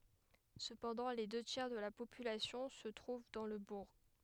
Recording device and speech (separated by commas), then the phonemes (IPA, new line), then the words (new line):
headset microphone, read sentence
səpɑ̃dɑ̃ le dø tjɛʁ də la popylasjɔ̃ sə tʁuv dɑ̃ lə buʁ
Cependant, les deux tiers de la population se trouvent dans le bourg.